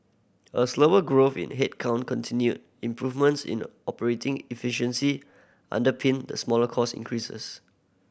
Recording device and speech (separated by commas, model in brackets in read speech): boundary microphone (BM630), read sentence